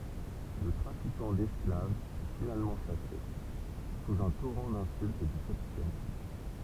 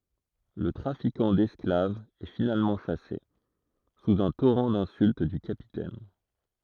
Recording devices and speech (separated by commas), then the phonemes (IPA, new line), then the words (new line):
temple vibration pickup, throat microphone, read sentence
lə tʁafikɑ̃ dɛsklavz ɛ finalmɑ̃ ʃase suz œ̃ toʁɑ̃ dɛ̃sylt dy kapitɛn
Le trafiquant d'esclaves est finalement chassé, sous un torrent d'insultes du Capitaine.